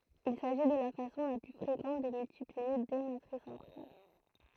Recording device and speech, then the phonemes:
throat microphone, read sentence
il saʒi də la fasɔ̃ la ply fʁekɑ̃t də myltiplie de matʁisz ɑ̃tʁ ɛl

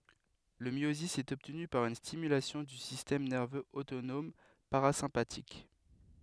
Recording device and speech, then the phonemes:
headset microphone, read sentence
lə mjozi ɛt ɔbtny paʁ yn stimylasjɔ̃ dy sistɛm nɛʁvøz otonɔm paʁazɛ̃patik

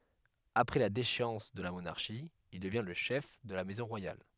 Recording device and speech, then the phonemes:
headset microphone, read sentence
apʁɛ la deʃeɑ̃s də la monaʁʃi il dəvjɛ̃ lə ʃɛf də la mɛzɔ̃ ʁwajal

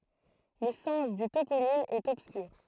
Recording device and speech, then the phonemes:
throat microphone, read sentence
lə sɑ̃s dy toponim ɛt ɔbskyʁ

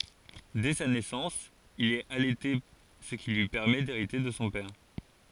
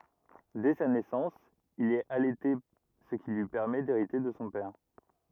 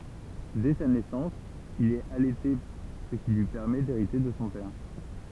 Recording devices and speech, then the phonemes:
forehead accelerometer, rigid in-ear microphone, temple vibration pickup, read sentence
dɛ sa nɛsɑ̃s il ɛt alɛte sə ki lyi pɛʁmɛ deʁite də sɔ̃ pɛʁ

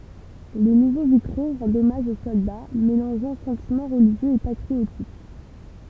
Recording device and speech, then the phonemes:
temple vibration pickup, read sentence
le nuvo vitʁo ʁɑ̃dt ɔmaʒ o sɔlda melɑ̃ʒɑ̃ sɑ̃timɑ̃ ʁəliʒjøz e patʁiotik

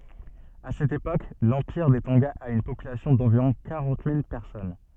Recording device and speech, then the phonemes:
soft in-ear microphone, read sentence
a sɛt epok lɑ̃piʁ de tɔ̃ɡa a yn popylasjɔ̃ dɑ̃viʁɔ̃ kaʁɑ̃t mil pɛʁsɔn

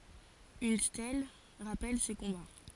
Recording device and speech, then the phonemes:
forehead accelerometer, read sentence
yn stɛl ʁapɛl se kɔ̃ba

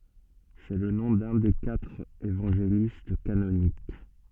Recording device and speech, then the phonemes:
soft in-ear microphone, read sentence
sɛ lə nɔ̃ dœ̃ de katʁ evɑ̃ʒelist kanonik

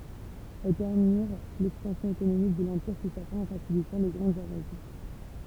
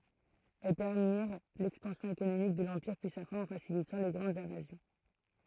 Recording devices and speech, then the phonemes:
temple vibration pickup, throat microphone, read sentence
ɛl pɛʁmiʁ lɛkspɑ̃sjɔ̃ ekonomik də lɑ̃piʁ pyi sa fɛ̃ ɑ̃ fasilitɑ̃ le ɡʁɑ̃dz ɛ̃vazjɔ̃

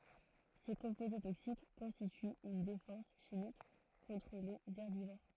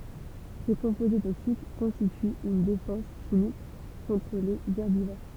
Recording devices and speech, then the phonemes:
throat microphone, temple vibration pickup, read sentence
se kɔ̃poze toksik kɔ̃stityt yn defɑ̃s ʃimik kɔ̃tʁ lez ɛʁbivoʁ

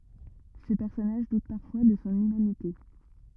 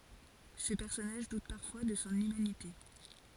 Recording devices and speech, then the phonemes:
rigid in-ear microphone, forehead accelerometer, read sentence
sə pɛʁsɔnaʒ dut paʁfwa də sɔ̃ ymanite

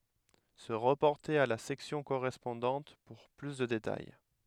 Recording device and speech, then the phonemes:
headset microphone, read sentence
sə ʁəpɔʁte a la sɛksjɔ̃ koʁɛspɔ̃dɑ̃t puʁ ply də detaj

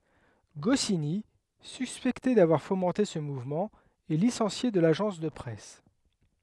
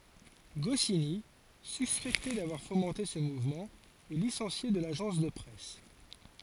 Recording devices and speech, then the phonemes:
headset microphone, forehead accelerometer, read sentence
ɡɔsini syspɛkte davwaʁ fomɑ̃te sə muvmɑ̃ ɛ lisɑ̃sje də laʒɑ̃s də pʁɛs

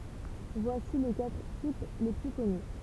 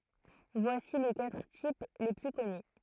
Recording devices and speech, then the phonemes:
temple vibration pickup, throat microphone, read sentence
vwasi le katʁ tip le ply kɔny

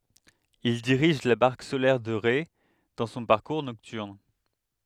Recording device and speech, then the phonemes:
headset microphone, read sentence
il diʁiʒ la baʁk solɛʁ də ʁe dɑ̃ sɔ̃ paʁkuʁ nɔktyʁn

